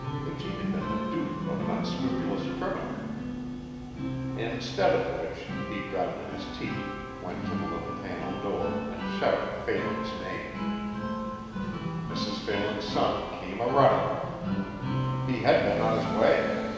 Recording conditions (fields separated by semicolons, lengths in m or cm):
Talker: one person; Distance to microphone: 1.7 m; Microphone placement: close; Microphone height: 1.0 m; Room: very reverberant, large; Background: music